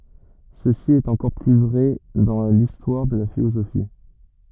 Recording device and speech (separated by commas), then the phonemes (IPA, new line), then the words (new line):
rigid in-ear microphone, read sentence
səsi ɛt ɑ̃kɔʁ ply vʁɛ dɑ̃ listwaʁ də la filozofi
Ceci est encore plus vrai dans l'histoire de la philosophie.